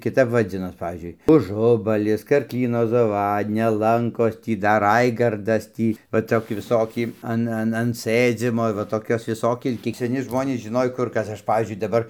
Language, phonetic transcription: Lithuanian, kiˈtap vaˈdzinos ˈpavyzdžiui uˈžubalis karkˈlyno zaˈvadnia ˈlankos ˈtį dar ˈraigardas ˈtį va ˈtoki viˈsoki ˈan ˈan an ˈsɘdzymo va toˈkios viˈsoki ˈkiek seˈni ˈžmonės žiˈnoj ˈkur ˈkas ˈaš ˈpavyzdžiui daˈbar

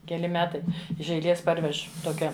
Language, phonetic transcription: Lithuanian, keˈli ˈmetai iš eiˈlės ˈparvež ˈtokia

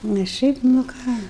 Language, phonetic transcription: Lithuanian, nes ˈšiaip nu ˈką

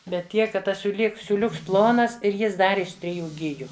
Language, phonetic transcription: Lithuanian, ˈbet ˈtiek kad ˈtas siūˈlyk siūˈliuks ˈplonas ir ˈjis ˈdar iš triˈjų ˈgiju

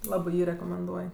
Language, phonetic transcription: Lithuanian, ˈlabɜ ˈjį rekomenˈduoj

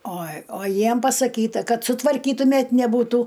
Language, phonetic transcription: Lithuanian, o o ˈjiem pasaˈkyta ˈkad sutvarˈkytumet' neˈbūtų

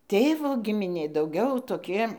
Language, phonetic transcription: Lithuanian, ˈtėvo gimiˈnė dauˈgiau toˈki

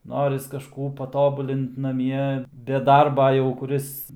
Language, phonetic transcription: Lithuanian, ˈnoris kaˈžkų paˈtobulint naˈmie be ˈdarba jau kuˈris

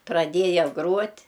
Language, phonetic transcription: Lithuanian, praˈdėja ˈgruot'

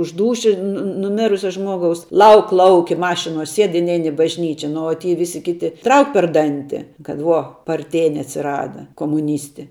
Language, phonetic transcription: Lithuanian, už ˈdūši nu nuˈmirusia ˈžmuogaus ˈlauk ˈlauki ˈmašinuo ˈsied i ˈnein i bažˈnyčia ˈnu o ty ˈvisi ˈkiti ˈtrauk per ˈdanti kad ˈvuo parˈtėni atsiˈrada komuˈnysti

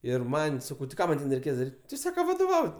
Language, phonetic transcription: Lithuanian, ir ˈman' ˈsakau ti ˈką man' ˈten reiˈkės daˈryt' ˈti ˈsaka vadoˈvaut'

